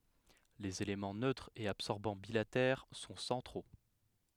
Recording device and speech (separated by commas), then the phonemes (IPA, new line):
headset microphone, read sentence
lez elemɑ̃ nøtʁ e absɔʁbɑ̃ bilatɛʁ sɔ̃ sɑ̃tʁo